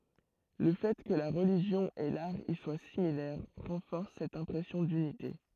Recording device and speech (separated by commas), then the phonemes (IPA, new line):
throat microphone, read sentence
lə fɛ kə la ʁəliʒjɔ̃ e laʁ i swa similɛʁ ʁɑ̃fɔʁs sɛt ɛ̃pʁɛsjɔ̃ dynite